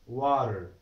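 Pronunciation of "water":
In 'water', the T between the vowels is not stressed and is kind of silent.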